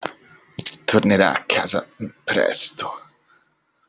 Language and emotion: Italian, disgusted